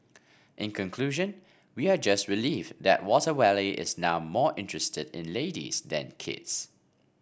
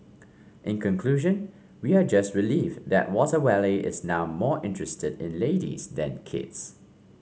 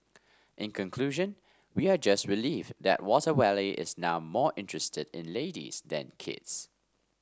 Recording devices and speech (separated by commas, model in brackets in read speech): boundary microphone (BM630), mobile phone (Samsung C5), standing microphone (AKG C214), read sentence